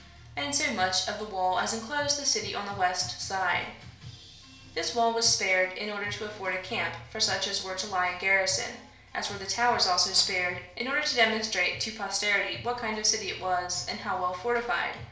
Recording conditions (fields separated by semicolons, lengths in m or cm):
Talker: one person; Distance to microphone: 1.0 m; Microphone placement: close; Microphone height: 1.1 m; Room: small (3.7 m by 2.7 m); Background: music